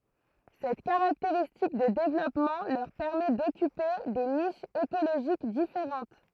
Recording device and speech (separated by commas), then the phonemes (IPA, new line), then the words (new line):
throat microphone, read sentence
sɛt kaʁakteʁistik də devlɔpmɑ̃ lœʁ pɛʁmɛ dɔkype de niʃz ekoloʒik difeʁɑ̃t
Cette caractéristique de développement leur permet d'occuper des niches écologiques différentes.